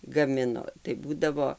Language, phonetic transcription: Lithuanian, gaˈmino tai ˈbūdavo

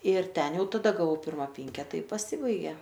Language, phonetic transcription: Lithuanian, ir ˈten ˈjau taˈda gaˈvau ˈpirma ˈpinketa i paˈsibaigė

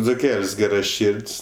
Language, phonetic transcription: Lithuanian, dzuˈkel's' ˈgeraˌšird's'

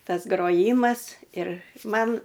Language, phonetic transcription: Lithuanian, ˈtas groˈjymas ir ˈman

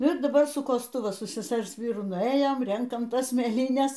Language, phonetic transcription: Lithuanian, ir daˈbar su kosˈtu va su seˈsers ˈvyru nuˈėjom ˈrenkam ˈtas mėˈlynes

